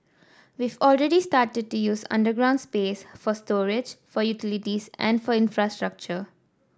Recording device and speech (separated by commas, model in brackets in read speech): standing microphone (AKG C214), read sentence